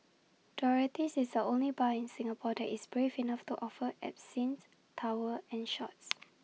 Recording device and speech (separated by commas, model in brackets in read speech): mobile phone (iPhone 6), read sentence